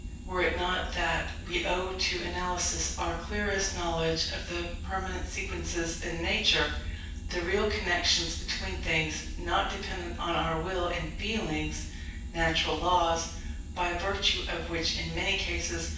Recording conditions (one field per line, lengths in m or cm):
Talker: one person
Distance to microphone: 9.8 m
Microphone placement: far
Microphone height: 1.8 m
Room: large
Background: none